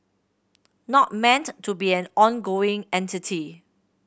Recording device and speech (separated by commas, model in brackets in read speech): boundary microphone (BM630), read sentence